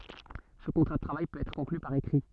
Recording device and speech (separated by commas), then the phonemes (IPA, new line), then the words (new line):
soft in-ear microphone, read sentence
sə kɔ̃tʁa də tʁavaj pøt ɛtʁ kɔ̃kly paʁ ekʁi
Ce contrat de travail peut être conclu par écrit.